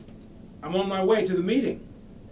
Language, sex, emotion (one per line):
English
male
neutral